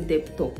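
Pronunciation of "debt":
'debt' is pronounced incorrectly here.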